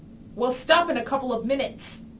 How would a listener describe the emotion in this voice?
angry